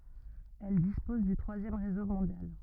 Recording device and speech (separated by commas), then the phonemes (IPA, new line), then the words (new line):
rigid in-ear microphone, read sentence
ɛl dispɔz dy tʁwazjɛm ʁezo mɔ̃djal
Elle dispose du troisième réseau mondial.